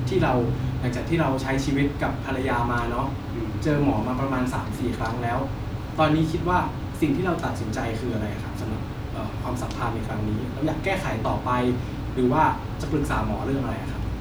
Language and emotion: Thai, neutral